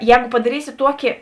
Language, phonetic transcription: Lithuanian, ˈjēgu padaˈrysi ˈtuoki

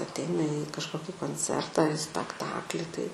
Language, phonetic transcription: Lithuanian, aˈteina į kažˈkoki konˈcerta ar i spekˈtakli ˈtai

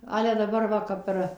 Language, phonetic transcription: Lithuanian, ˈale daˈbar ˈva ˈkap ir

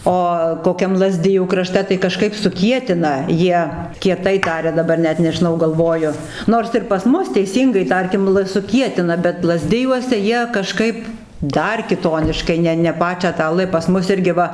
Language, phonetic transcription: Lithuanian, ˈo koˈkiam laˈzdijų kraˈšte tai kaˈžkaip suˈkietina ˈjie kieˈtai ˈtaria daˈbar ˈnet nežiˈnau galˈvoju ˈnors ir pas ˈmus teiˈsyngai ˈtarkim l suˈkietina bet laˈzdijuose ˈjie kaˈžkaip ˈdar kiˈtoniškai ˈne ˈne ˈpačią tą ˈl pas ˈmus ˈirgi ˈva

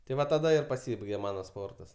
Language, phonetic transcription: Lithuanian, tai ˈva taˈda ir paˈsybaigė ˈmana ˈsportas

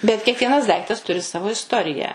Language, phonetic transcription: Lithuanian, bet kiekˈvienas ˈdaiktas ˈturi ˈsavo isˈtoriją

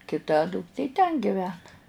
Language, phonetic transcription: Lithuanian, kiˈta dukˈtė ten giˈvena

